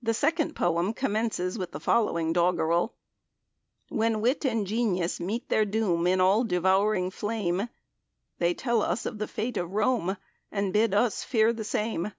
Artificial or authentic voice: authentic